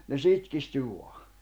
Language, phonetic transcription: Finnish, ne 'sitkisty 'vua « .
- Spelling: ne sitkistyi vain

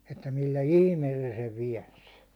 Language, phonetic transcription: Finnish, että millä "ihmeel sᴇ sev 'viɛns ?
- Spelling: että millä ihmeellä se sen väänsi

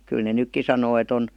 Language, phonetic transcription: Finnish, 'kyl ne "nykki sanoo e't ‿on ,.
- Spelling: kyllä ne nytkin sanoo että on

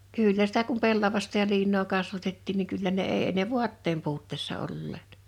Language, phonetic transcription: Finnish, 'kỳllä sitä kum 'pellavasta ja 'liinnoo 'kasvatettiin niŋ 'kyllä ne 'èi e ne "vu̬atteem 'puutteessa 'olleet .
- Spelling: kyllä sitä kun pellavasta ja liinaa kasvatettiin niin kyllä ne ei ei ne vaatteen puutteessa olleet

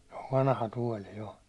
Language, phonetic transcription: Finnish, se ov 'vanaha tuåli 'jo .
- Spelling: se on vanha tuoli jo

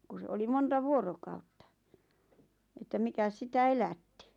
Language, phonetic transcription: Finnish, ku se 'oli "monta 'vuorokautta , että "mikäs 'sitä "elätti .
- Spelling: kun se oli monta vuorokautta että mikäs sitä elätti

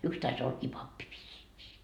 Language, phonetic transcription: Finnish, 'yks tais ollakii "pappi vissiikii .
- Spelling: yksi taisi ollakin pappi vissiinkin

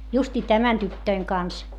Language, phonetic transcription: Finnish, - - justii tämän tyttöiŋ kans .
- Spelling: - justiin tämän tytön kanssa

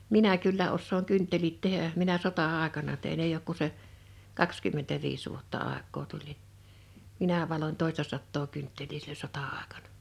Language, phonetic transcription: Finnish, 'minä kyllä 'ossooŋ 'kynttelit 'tehä , 'minä 'sota'àekana tein 'eij ‿ook ku se , 'kakskymmentäviis vuotta 'àek̆koo tuĺ niɴ , 'minä 'valon 'tòistasattoo 'kyntteĺii (sillo) 'sota₍àekaɴᴀ .
- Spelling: minä kyllä osaan kynttilät tehdä minä sota-aikana tein ei ole kuin se kaksikymmentäviisi vuotta aikaa tuli niin minä valoin toistasataa kynttilää silloin sota-aikana

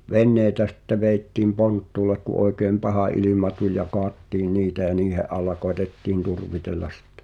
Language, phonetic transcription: Finnish, vennèi̬tä sⁱtte 'vèittìm "ponttùlek ku ’oekèm "paha ilima tuĺ ja "koattiin 'niitä ʲä 'niihe’ ’al̆la koetettiin "turvitellas̆ sᴵttᴇ .
- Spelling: veneitä sitten vedettiin ponttuulle kun oikein paha ilma tuli ja kaadettiin niitä ja niiden alla koetettiin turvitella sitten

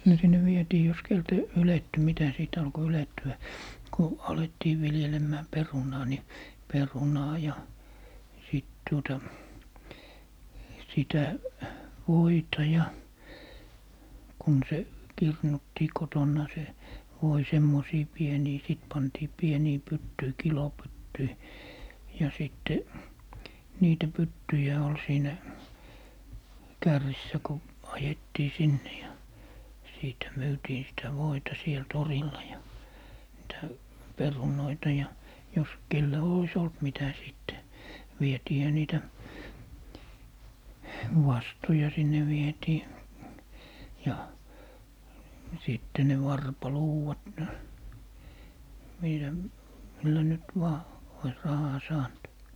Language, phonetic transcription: Finnish, no sinne 'vietii jos 'keltä , "yletty 'mitä , 'sìt alko 'yletty₍ä , ku , 'alettii 'viljelemmää "perunaa ni , "perunaa ja , 'sìt tuota , 'sitä , "voita ja , 'kun se , 'kirnuttii 'kotonna se , 'voi 'semmosii 'pienii 'sìt 'pantii 'pienii "pyttyi 'kilo"pyttyi , ja 'sìtte , 'niitä "pyttyjä ol 'siinä , "kärrissä ko , 'ajettii "sinne ja , 'siitä 'myytiin sitä "voita 'siel 'torilla ja , niitä , "perunoita ja , 'jos , 'kellä 'ois ‿olt 'mitä 'sìtte , "vietiihä 'niitä , "wastu̬ja sinne 'vietii , ja , 'sìtte ne 'varpa"luuwat , niitä , millä nyt 'vaa , ois , 'rahaa "saant .
- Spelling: no sinne vietiin jos keneltä ylettyi mitä sitten alkoi ylettyä kun alettiin viljelemään perunaa niin perunaa ja sitten tuota sitä voita ja kun se kirnuttiin kotona se voi semmoisiin pieniin sitten pantiin pieniin pyttyihin kilopyttyihin ja sitten niitä pyttyjä oli siinä kärrissä kun ajettiin sinne ja siitä myytiin sitä voita siellä torilla ja niitä perunoita ja jos kenellä olisi ollut mitä sitten vietiinhän niitä vastoja sinne vietiin ja sitten ne varpaluudat niitä millä nyt vain olisi rahaa saanut

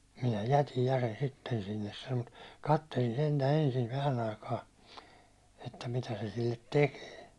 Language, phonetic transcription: Finnish, » minä "jätij ja sen 'sitten sinnes « sano » (mut) , 'kattelin sentä 'ensin 'vähän ‿aikaa , että 'mitä se sillet "tekee .
- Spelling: minä jätin ja sen sitten sinne sanoi mutta katselin sentään ensin vähän aikaa että mitä se sille tekee

